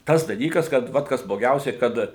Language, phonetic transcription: Lithuanian, ˈtas daˈlykas kad ˈvat ˈkas bloˈgiausiai ˈkad

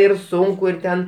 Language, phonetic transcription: Lithuanian, ir ˈsunku ir ˈten

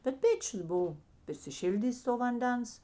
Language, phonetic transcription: Lithuanian, bet ˈpėčius ˈbuvo prisiˈšildys' to vanˈdens

